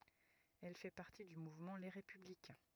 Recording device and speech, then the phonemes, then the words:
rigid in-ear microphone, read sentence
ɛl fɛ paʁti dy muvmɑ̃ le ʁepyblikɛ̃
Elle fait partie du mouvement Les Républicains.

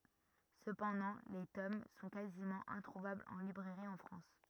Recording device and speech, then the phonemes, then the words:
rigid in-ear microphone, read sentence
səpɑ̃dɑ̃ le tom sɔ̃ kazimɑ̃ ɛ̃tʁuvablz ɑ̃ libʁɛʁi ɑ̃ fʁɑ̃s
Cependant, les tomes sont quasiment introuvables en librairie en France.

